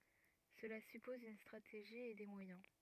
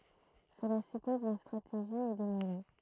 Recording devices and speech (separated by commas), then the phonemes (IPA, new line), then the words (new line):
rigid in-ear microphone, throat microphone, read sentence
səla sypɔz yn stʁateʒi e de mwajɛ̃
Cela suppose une stratégie et des moyens.